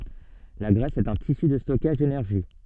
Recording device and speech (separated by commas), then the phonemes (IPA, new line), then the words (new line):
soft in-ear microphone, read sentence
la ɡʁɛs ɛt œ̃ tisy də stɔkaʒ denɛʁʒi
La graisse est un tissu de stockage d'énergie.